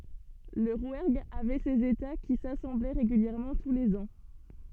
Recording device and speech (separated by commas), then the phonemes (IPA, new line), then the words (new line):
soft in-ear microphone, read sentence
lə ʁwɛʁɡ avɛ sez eta ki sasɑ̃blɛ ʁeɡyljɛʁmɑ̃ tu lez ɑ̃
Le Rouergue avait ses États qui s'assemblaient régulièrement tous les ans.